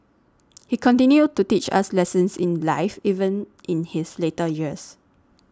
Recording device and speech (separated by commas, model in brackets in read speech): standing microphone (AKG C214), read sentence